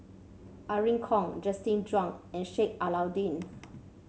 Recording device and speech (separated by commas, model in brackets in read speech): mobile phone (Samsung C7), read sentence